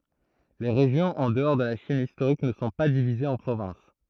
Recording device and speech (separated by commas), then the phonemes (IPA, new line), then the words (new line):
throat microphone, read sentence
le ʁeʒjɔ̃z ɑ̃ dəɔʁ də la ʃin istoʁik nə sɔ̃ pa divizez ɑ̃ pʁovɛ̃s
Les régions en dehors de la Chine historique ne sont pas divisées en provinces.